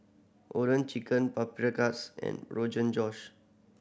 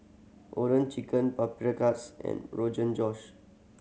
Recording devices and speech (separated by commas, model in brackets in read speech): boundary microphone (BM630), mobile phone (Samsung C7100), read sentence